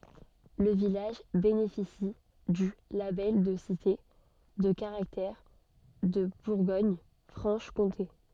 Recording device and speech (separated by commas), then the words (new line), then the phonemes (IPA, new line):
soft in-ear microphone, read sentence
Le village bénéficie du label de Cité de Caractère de Bourgogne-Franche-Comté.
lə vilaʒ benefisi dy labɛl də site də kaʁaktɛʁ də buʁɡoɲfʁɑ̃ʃkɔ̃te